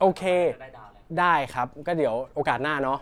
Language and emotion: Thai, neutral